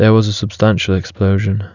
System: none